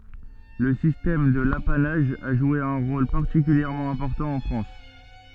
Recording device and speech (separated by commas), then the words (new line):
soft in-ear microphone, read sentence
Le système de l’apanage a joué un rôle particulièrement important en France.